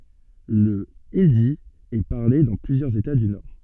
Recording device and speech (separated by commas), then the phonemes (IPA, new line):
soft in-ear microphone, read sentence
lə indi ɛ paʁle dɑ̃ plyzjœʁz eta dy nɔʁ